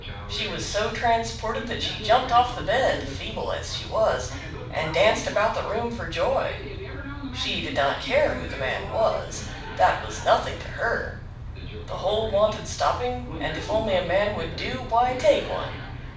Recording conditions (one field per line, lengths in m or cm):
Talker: one person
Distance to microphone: 5.8 m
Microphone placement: far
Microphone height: 1.8 m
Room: medium-sized (5.7 m by 4.0 m)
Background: television